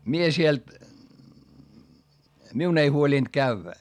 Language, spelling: Finnish, minä siellä minun ei huolinut käydä
- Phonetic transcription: mie siel , miun ‿ei huolìnD kävvä .

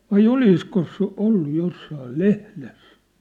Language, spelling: Finnish, vai olisiko se ollut jossakin lehdessä
- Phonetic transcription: vai "oliskos se 'ollu 'jossaal "lehles ?

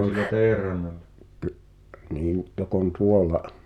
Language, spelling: Finnish, no se niin joka on tuolla
- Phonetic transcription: (nò se,.) niin , 'jok ‿on "tuola’ ,

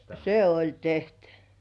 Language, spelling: Finnish, se oli tehty
- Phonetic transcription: se "oĺ tehtʏ .

